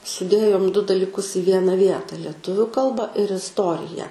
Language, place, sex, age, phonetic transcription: Lithuanian, Aukštaitija, female, 18-60, suˈdėjom du daliˈkus i ˈviena ˈvieta lieˈtuviu ˈkalba ir isˈtoriją

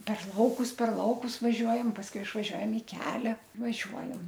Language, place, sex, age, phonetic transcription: Lithuanian, Aukštaitija, female, 60+, per ˈlaukus per ˈlaukus vaˈžiuojam pasˈkui išvaˈžiuojam i ˈkelia vaˈžiuojam

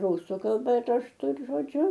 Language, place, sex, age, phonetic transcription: Lithuanian, Aukštaitija, female, 60+, ˈrusu kalˈba rašˈtu ir žoˈdžiu

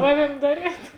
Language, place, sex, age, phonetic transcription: Lithuanian, Žemaitija, female, 18-60, ˈaˌviem ˈdaˌriet

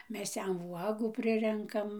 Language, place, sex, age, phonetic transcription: Lithuanian, Dzūkija, female, 60+, ˈmes ˈjam ˈvuogų ˈprirenkam

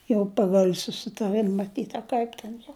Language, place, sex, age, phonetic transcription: Lithuanian, Žemaitija, female, 60+, jau ˈpagal' susitaˈrɨm maˈtyt a ˈkaip ten jau

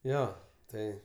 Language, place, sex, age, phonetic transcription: Lithuanian, Aukštaitija, male, 18-60, ˈjo ˈtai

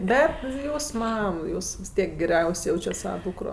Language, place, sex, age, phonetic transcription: Lithuanian, Aukštaitija, female, 18-60, ˈbet ˈjūs ˈmam ˈjūs vis ˈtiek geˈriaus' ˈjaučiat ˈsava ˈdūkro

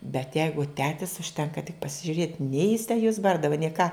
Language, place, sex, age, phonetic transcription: Lithuanian, Žemaitija, female, 60+, bet ˈjeigu ˈtetis užˈtenka tik pasižiuˈrėt' nei jis tę juos ˈbardava nei ką

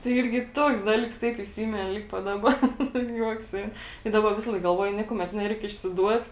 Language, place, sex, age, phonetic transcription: Lithuanian, Žemaitija, female, 18-60, tai ˈirgi ˈtuoks ˈdalyks ˈtaip iˈsimini ˈlig pat ˈdaˌba nu ˈjuoks ˈein tai ˈdaba ˈvisalaik galˈvuoju ˈniekumet ˈnereik išsiˈduot

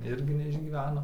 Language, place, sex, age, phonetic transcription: Lithuanian, Dzūkija, male, 18-60, ˈirgi neišgyˈveno

